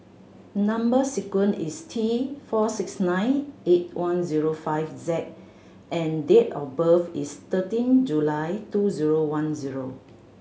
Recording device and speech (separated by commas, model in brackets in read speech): mobile phone (Samsung C7100), read sentence